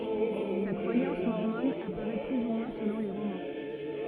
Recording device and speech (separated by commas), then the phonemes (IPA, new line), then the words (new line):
rigid in-ear microphone, read sentence
sa kʁwajɑ̃s mɔʁmɔn apaʁɛ ply u mwɛ̃ səlɔ̃ le ʁomɑ̃
Sa croyance mormone apparaît plus ou moins selon les romans.